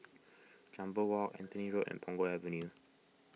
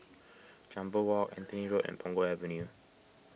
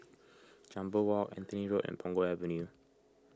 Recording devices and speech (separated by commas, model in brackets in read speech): mobile phone (iPhone 6), boundary microphone (BM630), close-talking microphone (WH20), read sentence